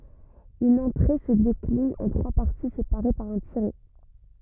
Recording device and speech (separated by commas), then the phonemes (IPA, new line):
rigid in-ear microphone, read sentence
yn ɑ̃tʁe sə deklin ɑ̃ tʁwa paʁti sepaʁe paʁ œ̃ tiʁɛ